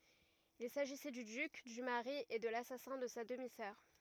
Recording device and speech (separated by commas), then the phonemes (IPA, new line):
rigid in-ear microphone, read sentence
il saʒisɛ dy dyk dy maʁi e də lasasɛ̃ də sa dəmi sœʁ